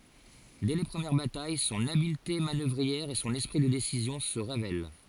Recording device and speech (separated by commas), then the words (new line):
forehead accelerometer, read sentence
Dès les premières batailles, son habileté manœuvrière et son esprit de décision se révèlent.